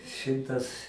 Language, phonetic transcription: Lithuanian, ˈšimtas

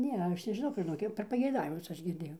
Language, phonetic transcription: Lithuanian, ˈne ˈaš nežiˈnau žiˈnok ˈjau per pageiˈdavimus ˈaš girˈdėjau

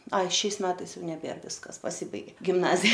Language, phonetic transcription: Lithuanian, ˈai ˈšiais ˈmetais ˈjau neˈbėr ˈviskas paˈsibaigė gimˈnazija

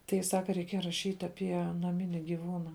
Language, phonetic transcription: Lithuanian, ˈtai ˈsaka reiˈkieja raˈšyt' aˈpie naˈmini giˈvūna

